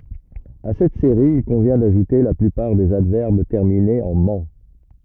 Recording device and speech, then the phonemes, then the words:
rigid in-ear microphone, read sentence
a sɛt seʁi il kɔ̃vjɛ̃ daʒute la plypaʁ dez advɛʁb tɛʁminez ɑ̃ mɑ̃
À cette série, il convient d'ajouter la plupart des adverbes terminés en -ment.

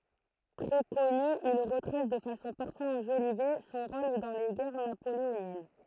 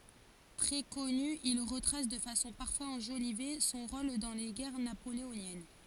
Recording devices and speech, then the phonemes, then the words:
throat microphone, forehead accelerometer, read sentence
tʁɛ kɔny il ʁətʁas də fasɔ̃ paʁfwaz ɑ̃ʒolive sɔ̃ ʁol dɑ̃ le ɡɛʁ napoleonjɛn
Très connus, ils retracent, de façon parfois enjolivée, son rôle dans les guerres napoléoniennes.

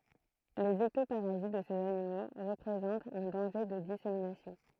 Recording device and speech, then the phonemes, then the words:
throat microphone, read sentence
lez ɛktopaʁazit də sez animo ʁəpʁezɑ̃tt œ̃ dɑ̃ʒe də diseminasjɔ̃
Les ectoparasites de ces animaux représentent un danger de dissémination.

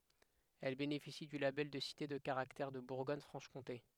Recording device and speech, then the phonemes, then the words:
headset microphone, read sentence
ɛl benefisi dy labɛl də site də kaʁaktɛʁ də buʁɡɔɲ fʁɑ̃ʃ kɔ̃te
Elle bénéficie du label de Cité de Caractère de Bourgogne-Franche-Comté.

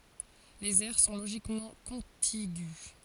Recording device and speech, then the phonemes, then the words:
forehead accelerometer, read sentence
lez ɛʁ sɔ̃ loʒikmɑ̃ kɔ̃tiɡy
Les aires sont logiquement contigües.

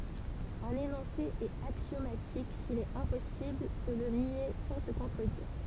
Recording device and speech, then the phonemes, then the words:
temple vibration pickup, read sentence
œ̃n enɔ̃se ɛt aksjomatik sil ɛt ɛ̃pɔsibl də lə nje sɑ̃ sə kɔ̃tʁədiʁ
Un énoncé est axiomatique s'il est impossible de le nier sans se contredire.

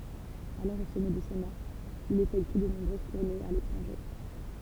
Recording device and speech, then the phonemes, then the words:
temple vibration pickup, read sentence
alɔʁ o sɔmɛ də sɔ̃ aʁ il efɛkty də nɔ̃bʁøz tuʁnez a letʁɑ̃ʒe
Alors au sommet de son art, il effectue de nombreuses tournées à l'étranger.

